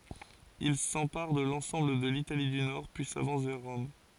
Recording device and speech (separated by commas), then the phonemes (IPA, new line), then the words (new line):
forehead accelerometer, read sentence
il sɑ̃paʁ də lɑ̃sɑ̃bl də litali dy nɔʁ pyi savɑ̃s vɛʁ ʁɔm
Il s’empare de l’ensemble de l’Italie du Nord, puis s’avance vers Rome.